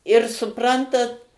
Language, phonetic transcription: Lithuanian, ir suˈprantat

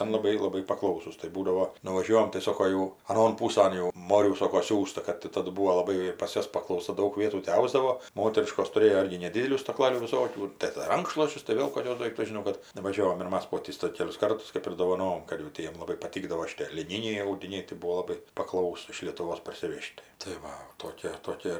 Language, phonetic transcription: Lithuanian, ˈten laˈbai laˈbai paˈklausūs tai ˈbūdavo nuvaˈžiuojam tai ˈsoko ˈjau aˈnon ˈpūsan ˈmorių ˈsoko ˈsiųsta kad tai ˈtadu ˈbūo laˈbai pas ˈjuos paklauˈsa ˈdaug ˈvietų ti ˈausdavo ˈmoteriškos tuˈrėjo ˈirgi neˈdidelių staˈklalių viˈsokių ir tai dar ˈrankšluosčius tai ˈvėl koˈkius ˈdoiktus žiˈnau kad nuvaˈžiovom ir ˈmas ˈpotys tai ˈkelius ˈkartus ˈkɜp ir dovaˈnom kad jau ˈtiem laˈbai paˈtykdavo šiˈtė liˈnyniai audiˈniai tai ˈbuo laˈbai paˈklausūs iš lietuˈvos parsiˈvež't' tai ˈva o toˈkė toˈkė

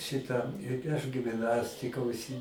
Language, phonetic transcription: Lithuanian, ˈšita i aš gim'ˈnastika užˈsi

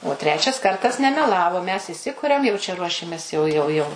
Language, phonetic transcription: Lithuanian, o ˈtrečias ˈkartas nemeˈlavo mes įˈsikuriam jau čia ˈruošiames jau jau ˈjau

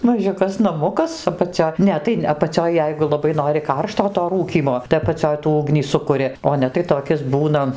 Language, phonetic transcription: Lithuanian, maˈžiukas naˈmukas apaˈcio ˈne tai apaˈcioj ˈjeigu laˈbai ˈnori ˈkaršto to ˈrūkymo tai apaˈcioj tų ˈugnį ˈsukuri o ˈne tai toˈkis ˈbūna

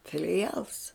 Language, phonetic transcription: Lithuanian, filiˈjals

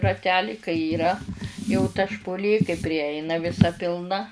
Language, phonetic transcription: Lithuanian, raˈteli kai yˈra jau ta špuˈlė kai priˈjeina viˈsa pilˈna

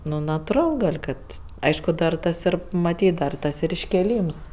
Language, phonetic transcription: Lithuanian, nu natuˈral ˈkad ˈaišku dar ˈtas ˈir maˈtyt darˈ tas ir iškėˈlyms

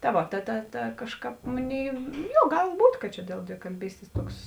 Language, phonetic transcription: Lithuanian, ta ˈvo ta ta ta ˈkažˌkāp ˈmoˌnėi ˈjo ˈgal ˈbūt' kad ˈčia dėl dvikalˈbystės toks

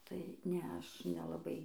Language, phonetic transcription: Lithuanian, tai ˈnea ˈaš nelaˈbai

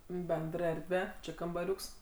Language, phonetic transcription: Lithuanian, ˈbendr ˈerdve ˈči kambaˈriuks

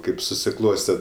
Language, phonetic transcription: Lithuanian, ˈkaip susiˈkloste

